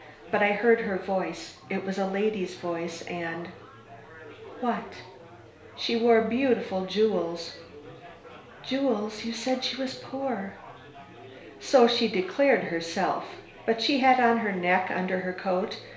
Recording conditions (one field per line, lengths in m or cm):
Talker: one person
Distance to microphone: 1.0 m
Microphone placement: close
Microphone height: 1.1 m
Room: small (3.7 m by 2.7 m)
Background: babble